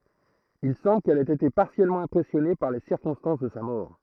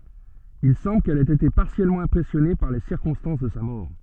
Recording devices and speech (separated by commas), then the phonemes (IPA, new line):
throat microphone, soft in-ear microphone, read sentence
il sɑ̃bl kɛl ɛt ete paʁtikyljɛʁmɑ̃ ɛ̃pʁɛsjɔne paʁ le siʁkɔ̃stɑ̃s də sa mɔʁ